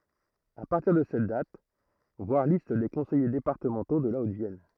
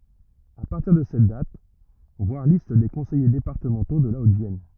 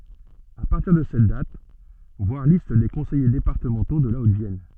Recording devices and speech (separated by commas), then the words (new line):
throat microphone, rigid in-ear microphone, soft in-ear microphone, read sentence
À partir de cette date, voir Liste des conseillers départementaux de la Haute-Vienne.